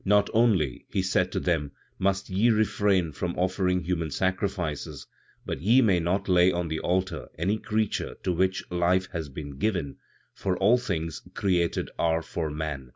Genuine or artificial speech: genuine